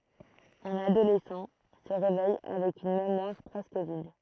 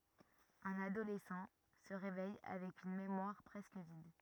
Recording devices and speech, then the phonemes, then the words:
throat microphone, rigid in-ear microphone, read sentence
œ̃n adolɛsɑ̃ sə ʁevɛj avɛk yn memwaʁ pʁɛskə vid
Un adolescent se réveille avec une mémoire presque vide.

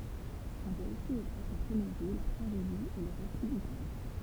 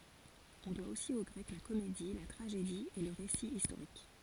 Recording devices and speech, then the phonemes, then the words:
temple vibration pickup, forehead accelerometer, read sentence
ɔ̃ dwa osi o ɡʁɛk la komedi la tʁaʒedi e lə ʁesi istoʁik
On doit aussi aux Grecs la comédie, la tragédie et le récit historique.

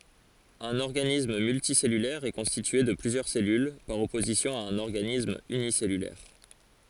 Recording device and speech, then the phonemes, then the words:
forehead accelerometer, read sentence
œ̃n ɔʁɡanism myltisɛlylɛʁ ɛ kɔ̃stitye də plyzjœʁ sɛlyl paʁ ɔpozisjɔ̃ a œ̃n ɔʁɡanism ynisɛlylɛʁ
Un organisme multicellulaire est constitué de plusieurs cellules, par opposition à un organisme unicellulaire.

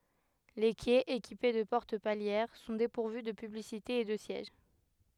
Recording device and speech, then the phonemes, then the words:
headset microphone, read sentence
le kɛz ekipe də pɔʁt paljɛʁ sɔ̃ depuʁvy də pyblisitez e də sjɛʒ
Les quais, équipés de portes palières, sont dépourvus de publicités et de sièges.

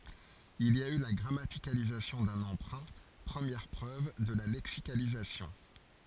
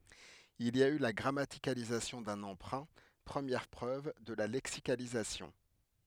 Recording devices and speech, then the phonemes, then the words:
forehead accelerometer, headset microphone, read sentence
il i a y la ɡʁamatikalizasjɔ̃ dœ̃n ɑ̃pʁœ̃ pʁəmjɛʁ pʁøv də la lɛksikalizasjɔ̃
Il y a eu là grammaticalisation d'un emprunt, première preuve de la lexicalisation.

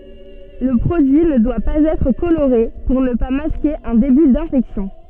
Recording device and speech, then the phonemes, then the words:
soft in-ear microphone, read sentence
lə pʁodyi nə dwa paz ɛtʁ koloʁe puʁ nə pa maske œ̃ deby dɛ̃fɛksjɔ̃
Le produit ne doit pas être coloré pour ne pas masquer un début d'infection.

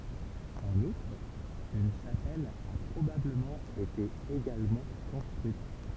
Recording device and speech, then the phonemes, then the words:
temple vibration pickup, read sentence
ɑ̃n utʁ yn ʃapɛl a pʁobabləmɑ̃ ete eɡalmɑ̃ kɔ̃stʁyit
En outre, une chapelle a probablement été également construite.

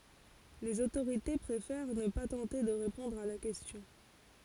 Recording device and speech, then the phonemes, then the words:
forehead accelerometer, read sentence
lez otoʁite pʁefɛʁ nə pa tɑ̃te də ʁepɔ̃dʁ a la kɛstjɔ̃
Les autorités préfèrent ne pas tenter de répondre à la question.

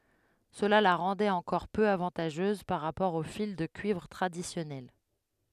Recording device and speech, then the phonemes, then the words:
headset microphone, read sentence
səla la ʁɑ̃dɛt ɑ̃kɔʁ pø avɑ̃taʒøz paʁ ʁapɔʁ o fil də kyivʁ tʁadisjɔnɛl
Cela la rendait encore peu avantageuse par rapport au fil de cuivre traditionnel.

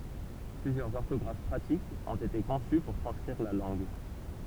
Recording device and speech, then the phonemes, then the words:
temple vibration pickup, read sentence
plyzjœʁz ɔʁtɔɡʁaf pʁatikz ɔ̃t ete kɔ̃sy puʁ tʁɑ̃skʁiʁ la lɑ̃ɡ
Plusieurs orthographes pratiques ont été conçues pour transcrire la langue.

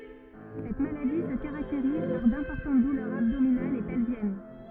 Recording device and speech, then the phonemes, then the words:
rigid in-ear microphone, read sentence
sɛt maladi sə kaʁakteʁiz paʁ dɛ̃pɔʁtɑ̃t dulœʁz abdominalz e pɛlvjɛn
Cette maladie se caractérise par d'importantes douleurs abdominales et pelviennes.

